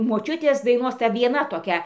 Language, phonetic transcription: Lithuanian, moˈčiutės daiˈnos ˈta vieˈna toˈkia

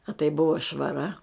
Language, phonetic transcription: Lithuanian, a tai ˈbuva švaˈra

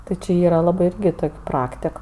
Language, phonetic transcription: Lithuanian, ˈti či ˈyra ˈlabɜ ˈirgi ˈtok' ˈpraktik

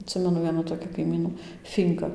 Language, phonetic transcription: Lithuanian, atˈsimenu ˈvienų toˈkį kaiˈmynų ˈfynka

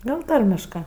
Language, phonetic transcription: Lithuanian, ˈgal ˈtarmiškɜ

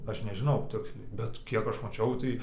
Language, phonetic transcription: Lithuanian, ˈaš nežiˈnau ˈtiksliai bet ˈkiek ˈaš maˈčiau tai

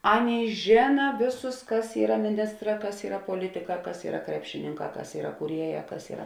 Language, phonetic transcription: Lithuanian, ˈaˌnėi ˈžėna ˈvėˌsus ˈkas ˈyra miˈnistˌrā ˈkas ˈyra poˈlitiˌkā ˈkas ˈyra ˈkrepšininˌkā ˈkas ˈyra kūˈrieˌjā ˈkas ˈyra

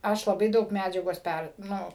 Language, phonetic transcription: Lithuanian, ˈaš laˈbai ˈdaug ˈmædžiagos ˈper ˈnu

